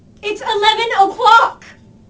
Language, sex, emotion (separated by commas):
English, female, angry